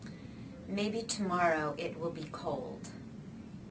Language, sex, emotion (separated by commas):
English, female, neutral